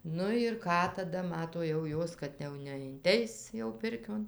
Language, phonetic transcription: Lithuanian, ˈnu ir ˈką taˈda ˈmato jau ˈjos kad jau neinˈteis jau ˈpirkion

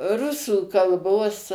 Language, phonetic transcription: Lithuanian, ˈrusų kalˈbos

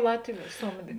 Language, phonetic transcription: Lithuanian, ˈlatviu ˈsomdė

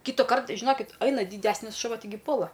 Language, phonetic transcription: Lithuanian, ˈkytukart žiˈnokit ˈaina dyˈdesnis šuˈva tiˈgi ˈpuola

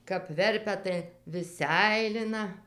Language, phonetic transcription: Lithuanian, kap ˈverpia tai vis ˈseilina

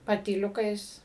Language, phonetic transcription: Lithuanian, patyˈliukais

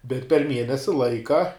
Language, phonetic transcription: Lithuanian, bet per ˈmienesi ˈlaika

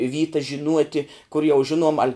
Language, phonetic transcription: Lithuanian, ˈvytas žiˈnuoti kur jau ˈžinuom al'

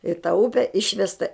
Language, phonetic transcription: Lithuanian, i ta ˈupe ˈišvesta

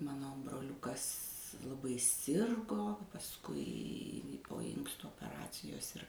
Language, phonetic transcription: Lithuanian, ˈmano broˈliukas laˈbai ˈsirgo pasˈkui po ˈinkstu opeˈracijos ir

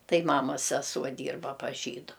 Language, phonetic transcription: Lithuanian, ˈtai ˈmamas seˈsuo ˈdyrba pas ˈžydu

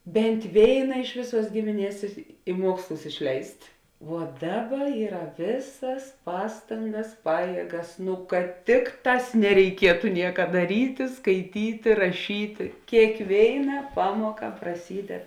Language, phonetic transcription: Lithuanian, ˈbent' ˈvėina ˈiš vėˌsuos ˈgimiˌnies i ˈmuokslus išˈleist' vuo ˈdaˌba ˈyra ˈvėsas ˈpastangas ˈpajiegas nu kad ˈtikˌtās nereiˈkietu ˈnieka daˈryti skaiˈtyti raˈšyti kėkˈvėina ˈpamuoka praˈsyded

